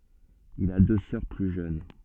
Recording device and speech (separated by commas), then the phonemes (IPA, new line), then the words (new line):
soft in-ear microphone, read sentence
il a dø sœʁ ply ʒøn
Il a deux sœurs plus jeunes.